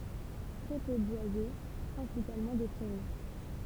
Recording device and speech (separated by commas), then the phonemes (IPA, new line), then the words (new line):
temple vibration pickup, read sentence
tʁɛ pø bwaze pʁɛ̃sipalmɑ̃ de pʁɛʁi
Très peu boisé, principalement des prairies.